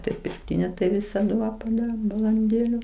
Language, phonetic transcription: Lithuanian, ˈtai pirkˈtinio tai ˈvisadu ˈva paˈdarom balanˈdėliu

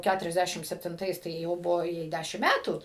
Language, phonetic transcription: Lithuanian, ˈkæturiasˌdæšim septinˈtais tai ˈjau ˈbuvo ˈjai ˈdæšim ˈmætų

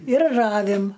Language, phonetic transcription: Lithuanian, ir ˈravim

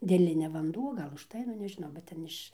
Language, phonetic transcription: Lithuanian, dėˈlinia vanˈduo ˈgal užˈtai nu nežiˈnau bet ˈten iš

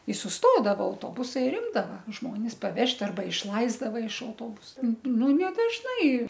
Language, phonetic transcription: Lithuanian, i susˈtodavo auˈtobusai ir ˈimdava ˈžmonis paˈvežt' arˈba išˈlaisdava iš auˈtobusa ˈnu ne dažˈnai

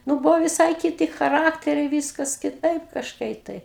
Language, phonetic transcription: Lithuanian, ˈnu ˈbuvo viˈsai kiˈti chaˈrakteriai ˈvyskas kiˈtaip kažˈkai tai

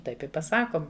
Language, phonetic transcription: Lithuanian, ˈtaip i paˈsakom

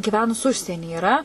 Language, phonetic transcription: Lithuanian, gyˈvenus ˈužsieni yˈra

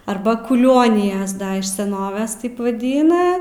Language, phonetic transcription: Lithuanian, ˈarba kuˈlionijas ˈda iš seˈnoves ˈtaip vaˈdyna

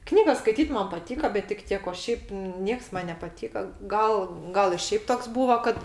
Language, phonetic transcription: Lithuanian, ˈknygas skaiˈtyt ˈman paˈtyka bet tik ˈtiek o ˈšiaip ˈnieks ˈman nepaˈtyka ˈgal ˈgal i ˈšeip ˈtoks ˈbūva kad

